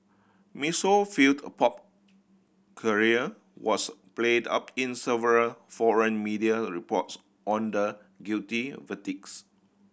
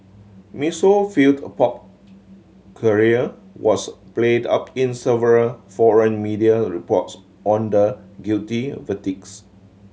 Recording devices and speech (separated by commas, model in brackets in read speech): boundary microphone (BM630), mobile phone (Samsung C7100), read sentence